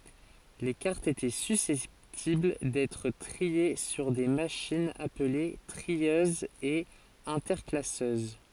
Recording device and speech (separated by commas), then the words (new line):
forehead accelerometer, read sentence
Les cartes étaient susceptibles d'être triées sur des machines appelées trieuses et interclasseuses.